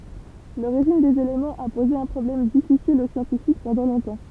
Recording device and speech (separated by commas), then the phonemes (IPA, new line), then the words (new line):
temple vibration pickup, read sentence
loʁiʒin dez elemɑ̃z a poze œ̃ pʁɔblɛm difisil o sjɑ̃tifik pɑ̃dɑ̃ lɔ̃tɑ̃
L'origine des éléments a posé un problème difficile aux scientifiques pendant longtemps.